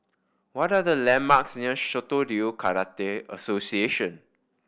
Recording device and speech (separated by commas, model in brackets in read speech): boundary microphone (BM630), read sentence